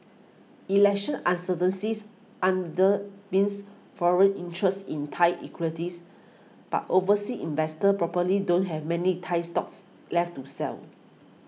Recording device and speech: mobile phone (iPhone 6), read sentence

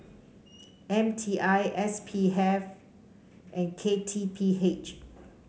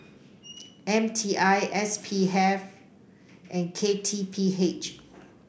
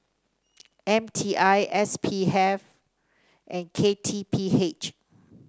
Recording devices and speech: mobile phone (Samsung C5), boundary microphone (BM630), standing microphone (AKG C214), read sentence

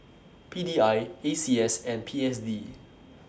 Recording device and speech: standing microphone (AKG C214), read sentence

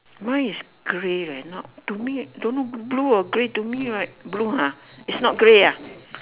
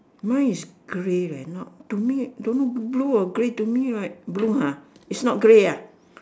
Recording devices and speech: telephone, standing microphone, conversation in separate rooms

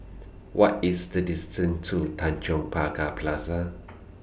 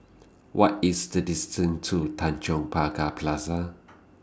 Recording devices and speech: boundary microphone (BM630), standing microphone (AKG C214), read sentence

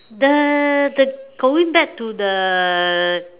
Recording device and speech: telephone, conversation in separate rooms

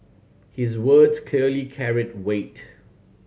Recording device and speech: mobile phone (Samsung C7100), read sentence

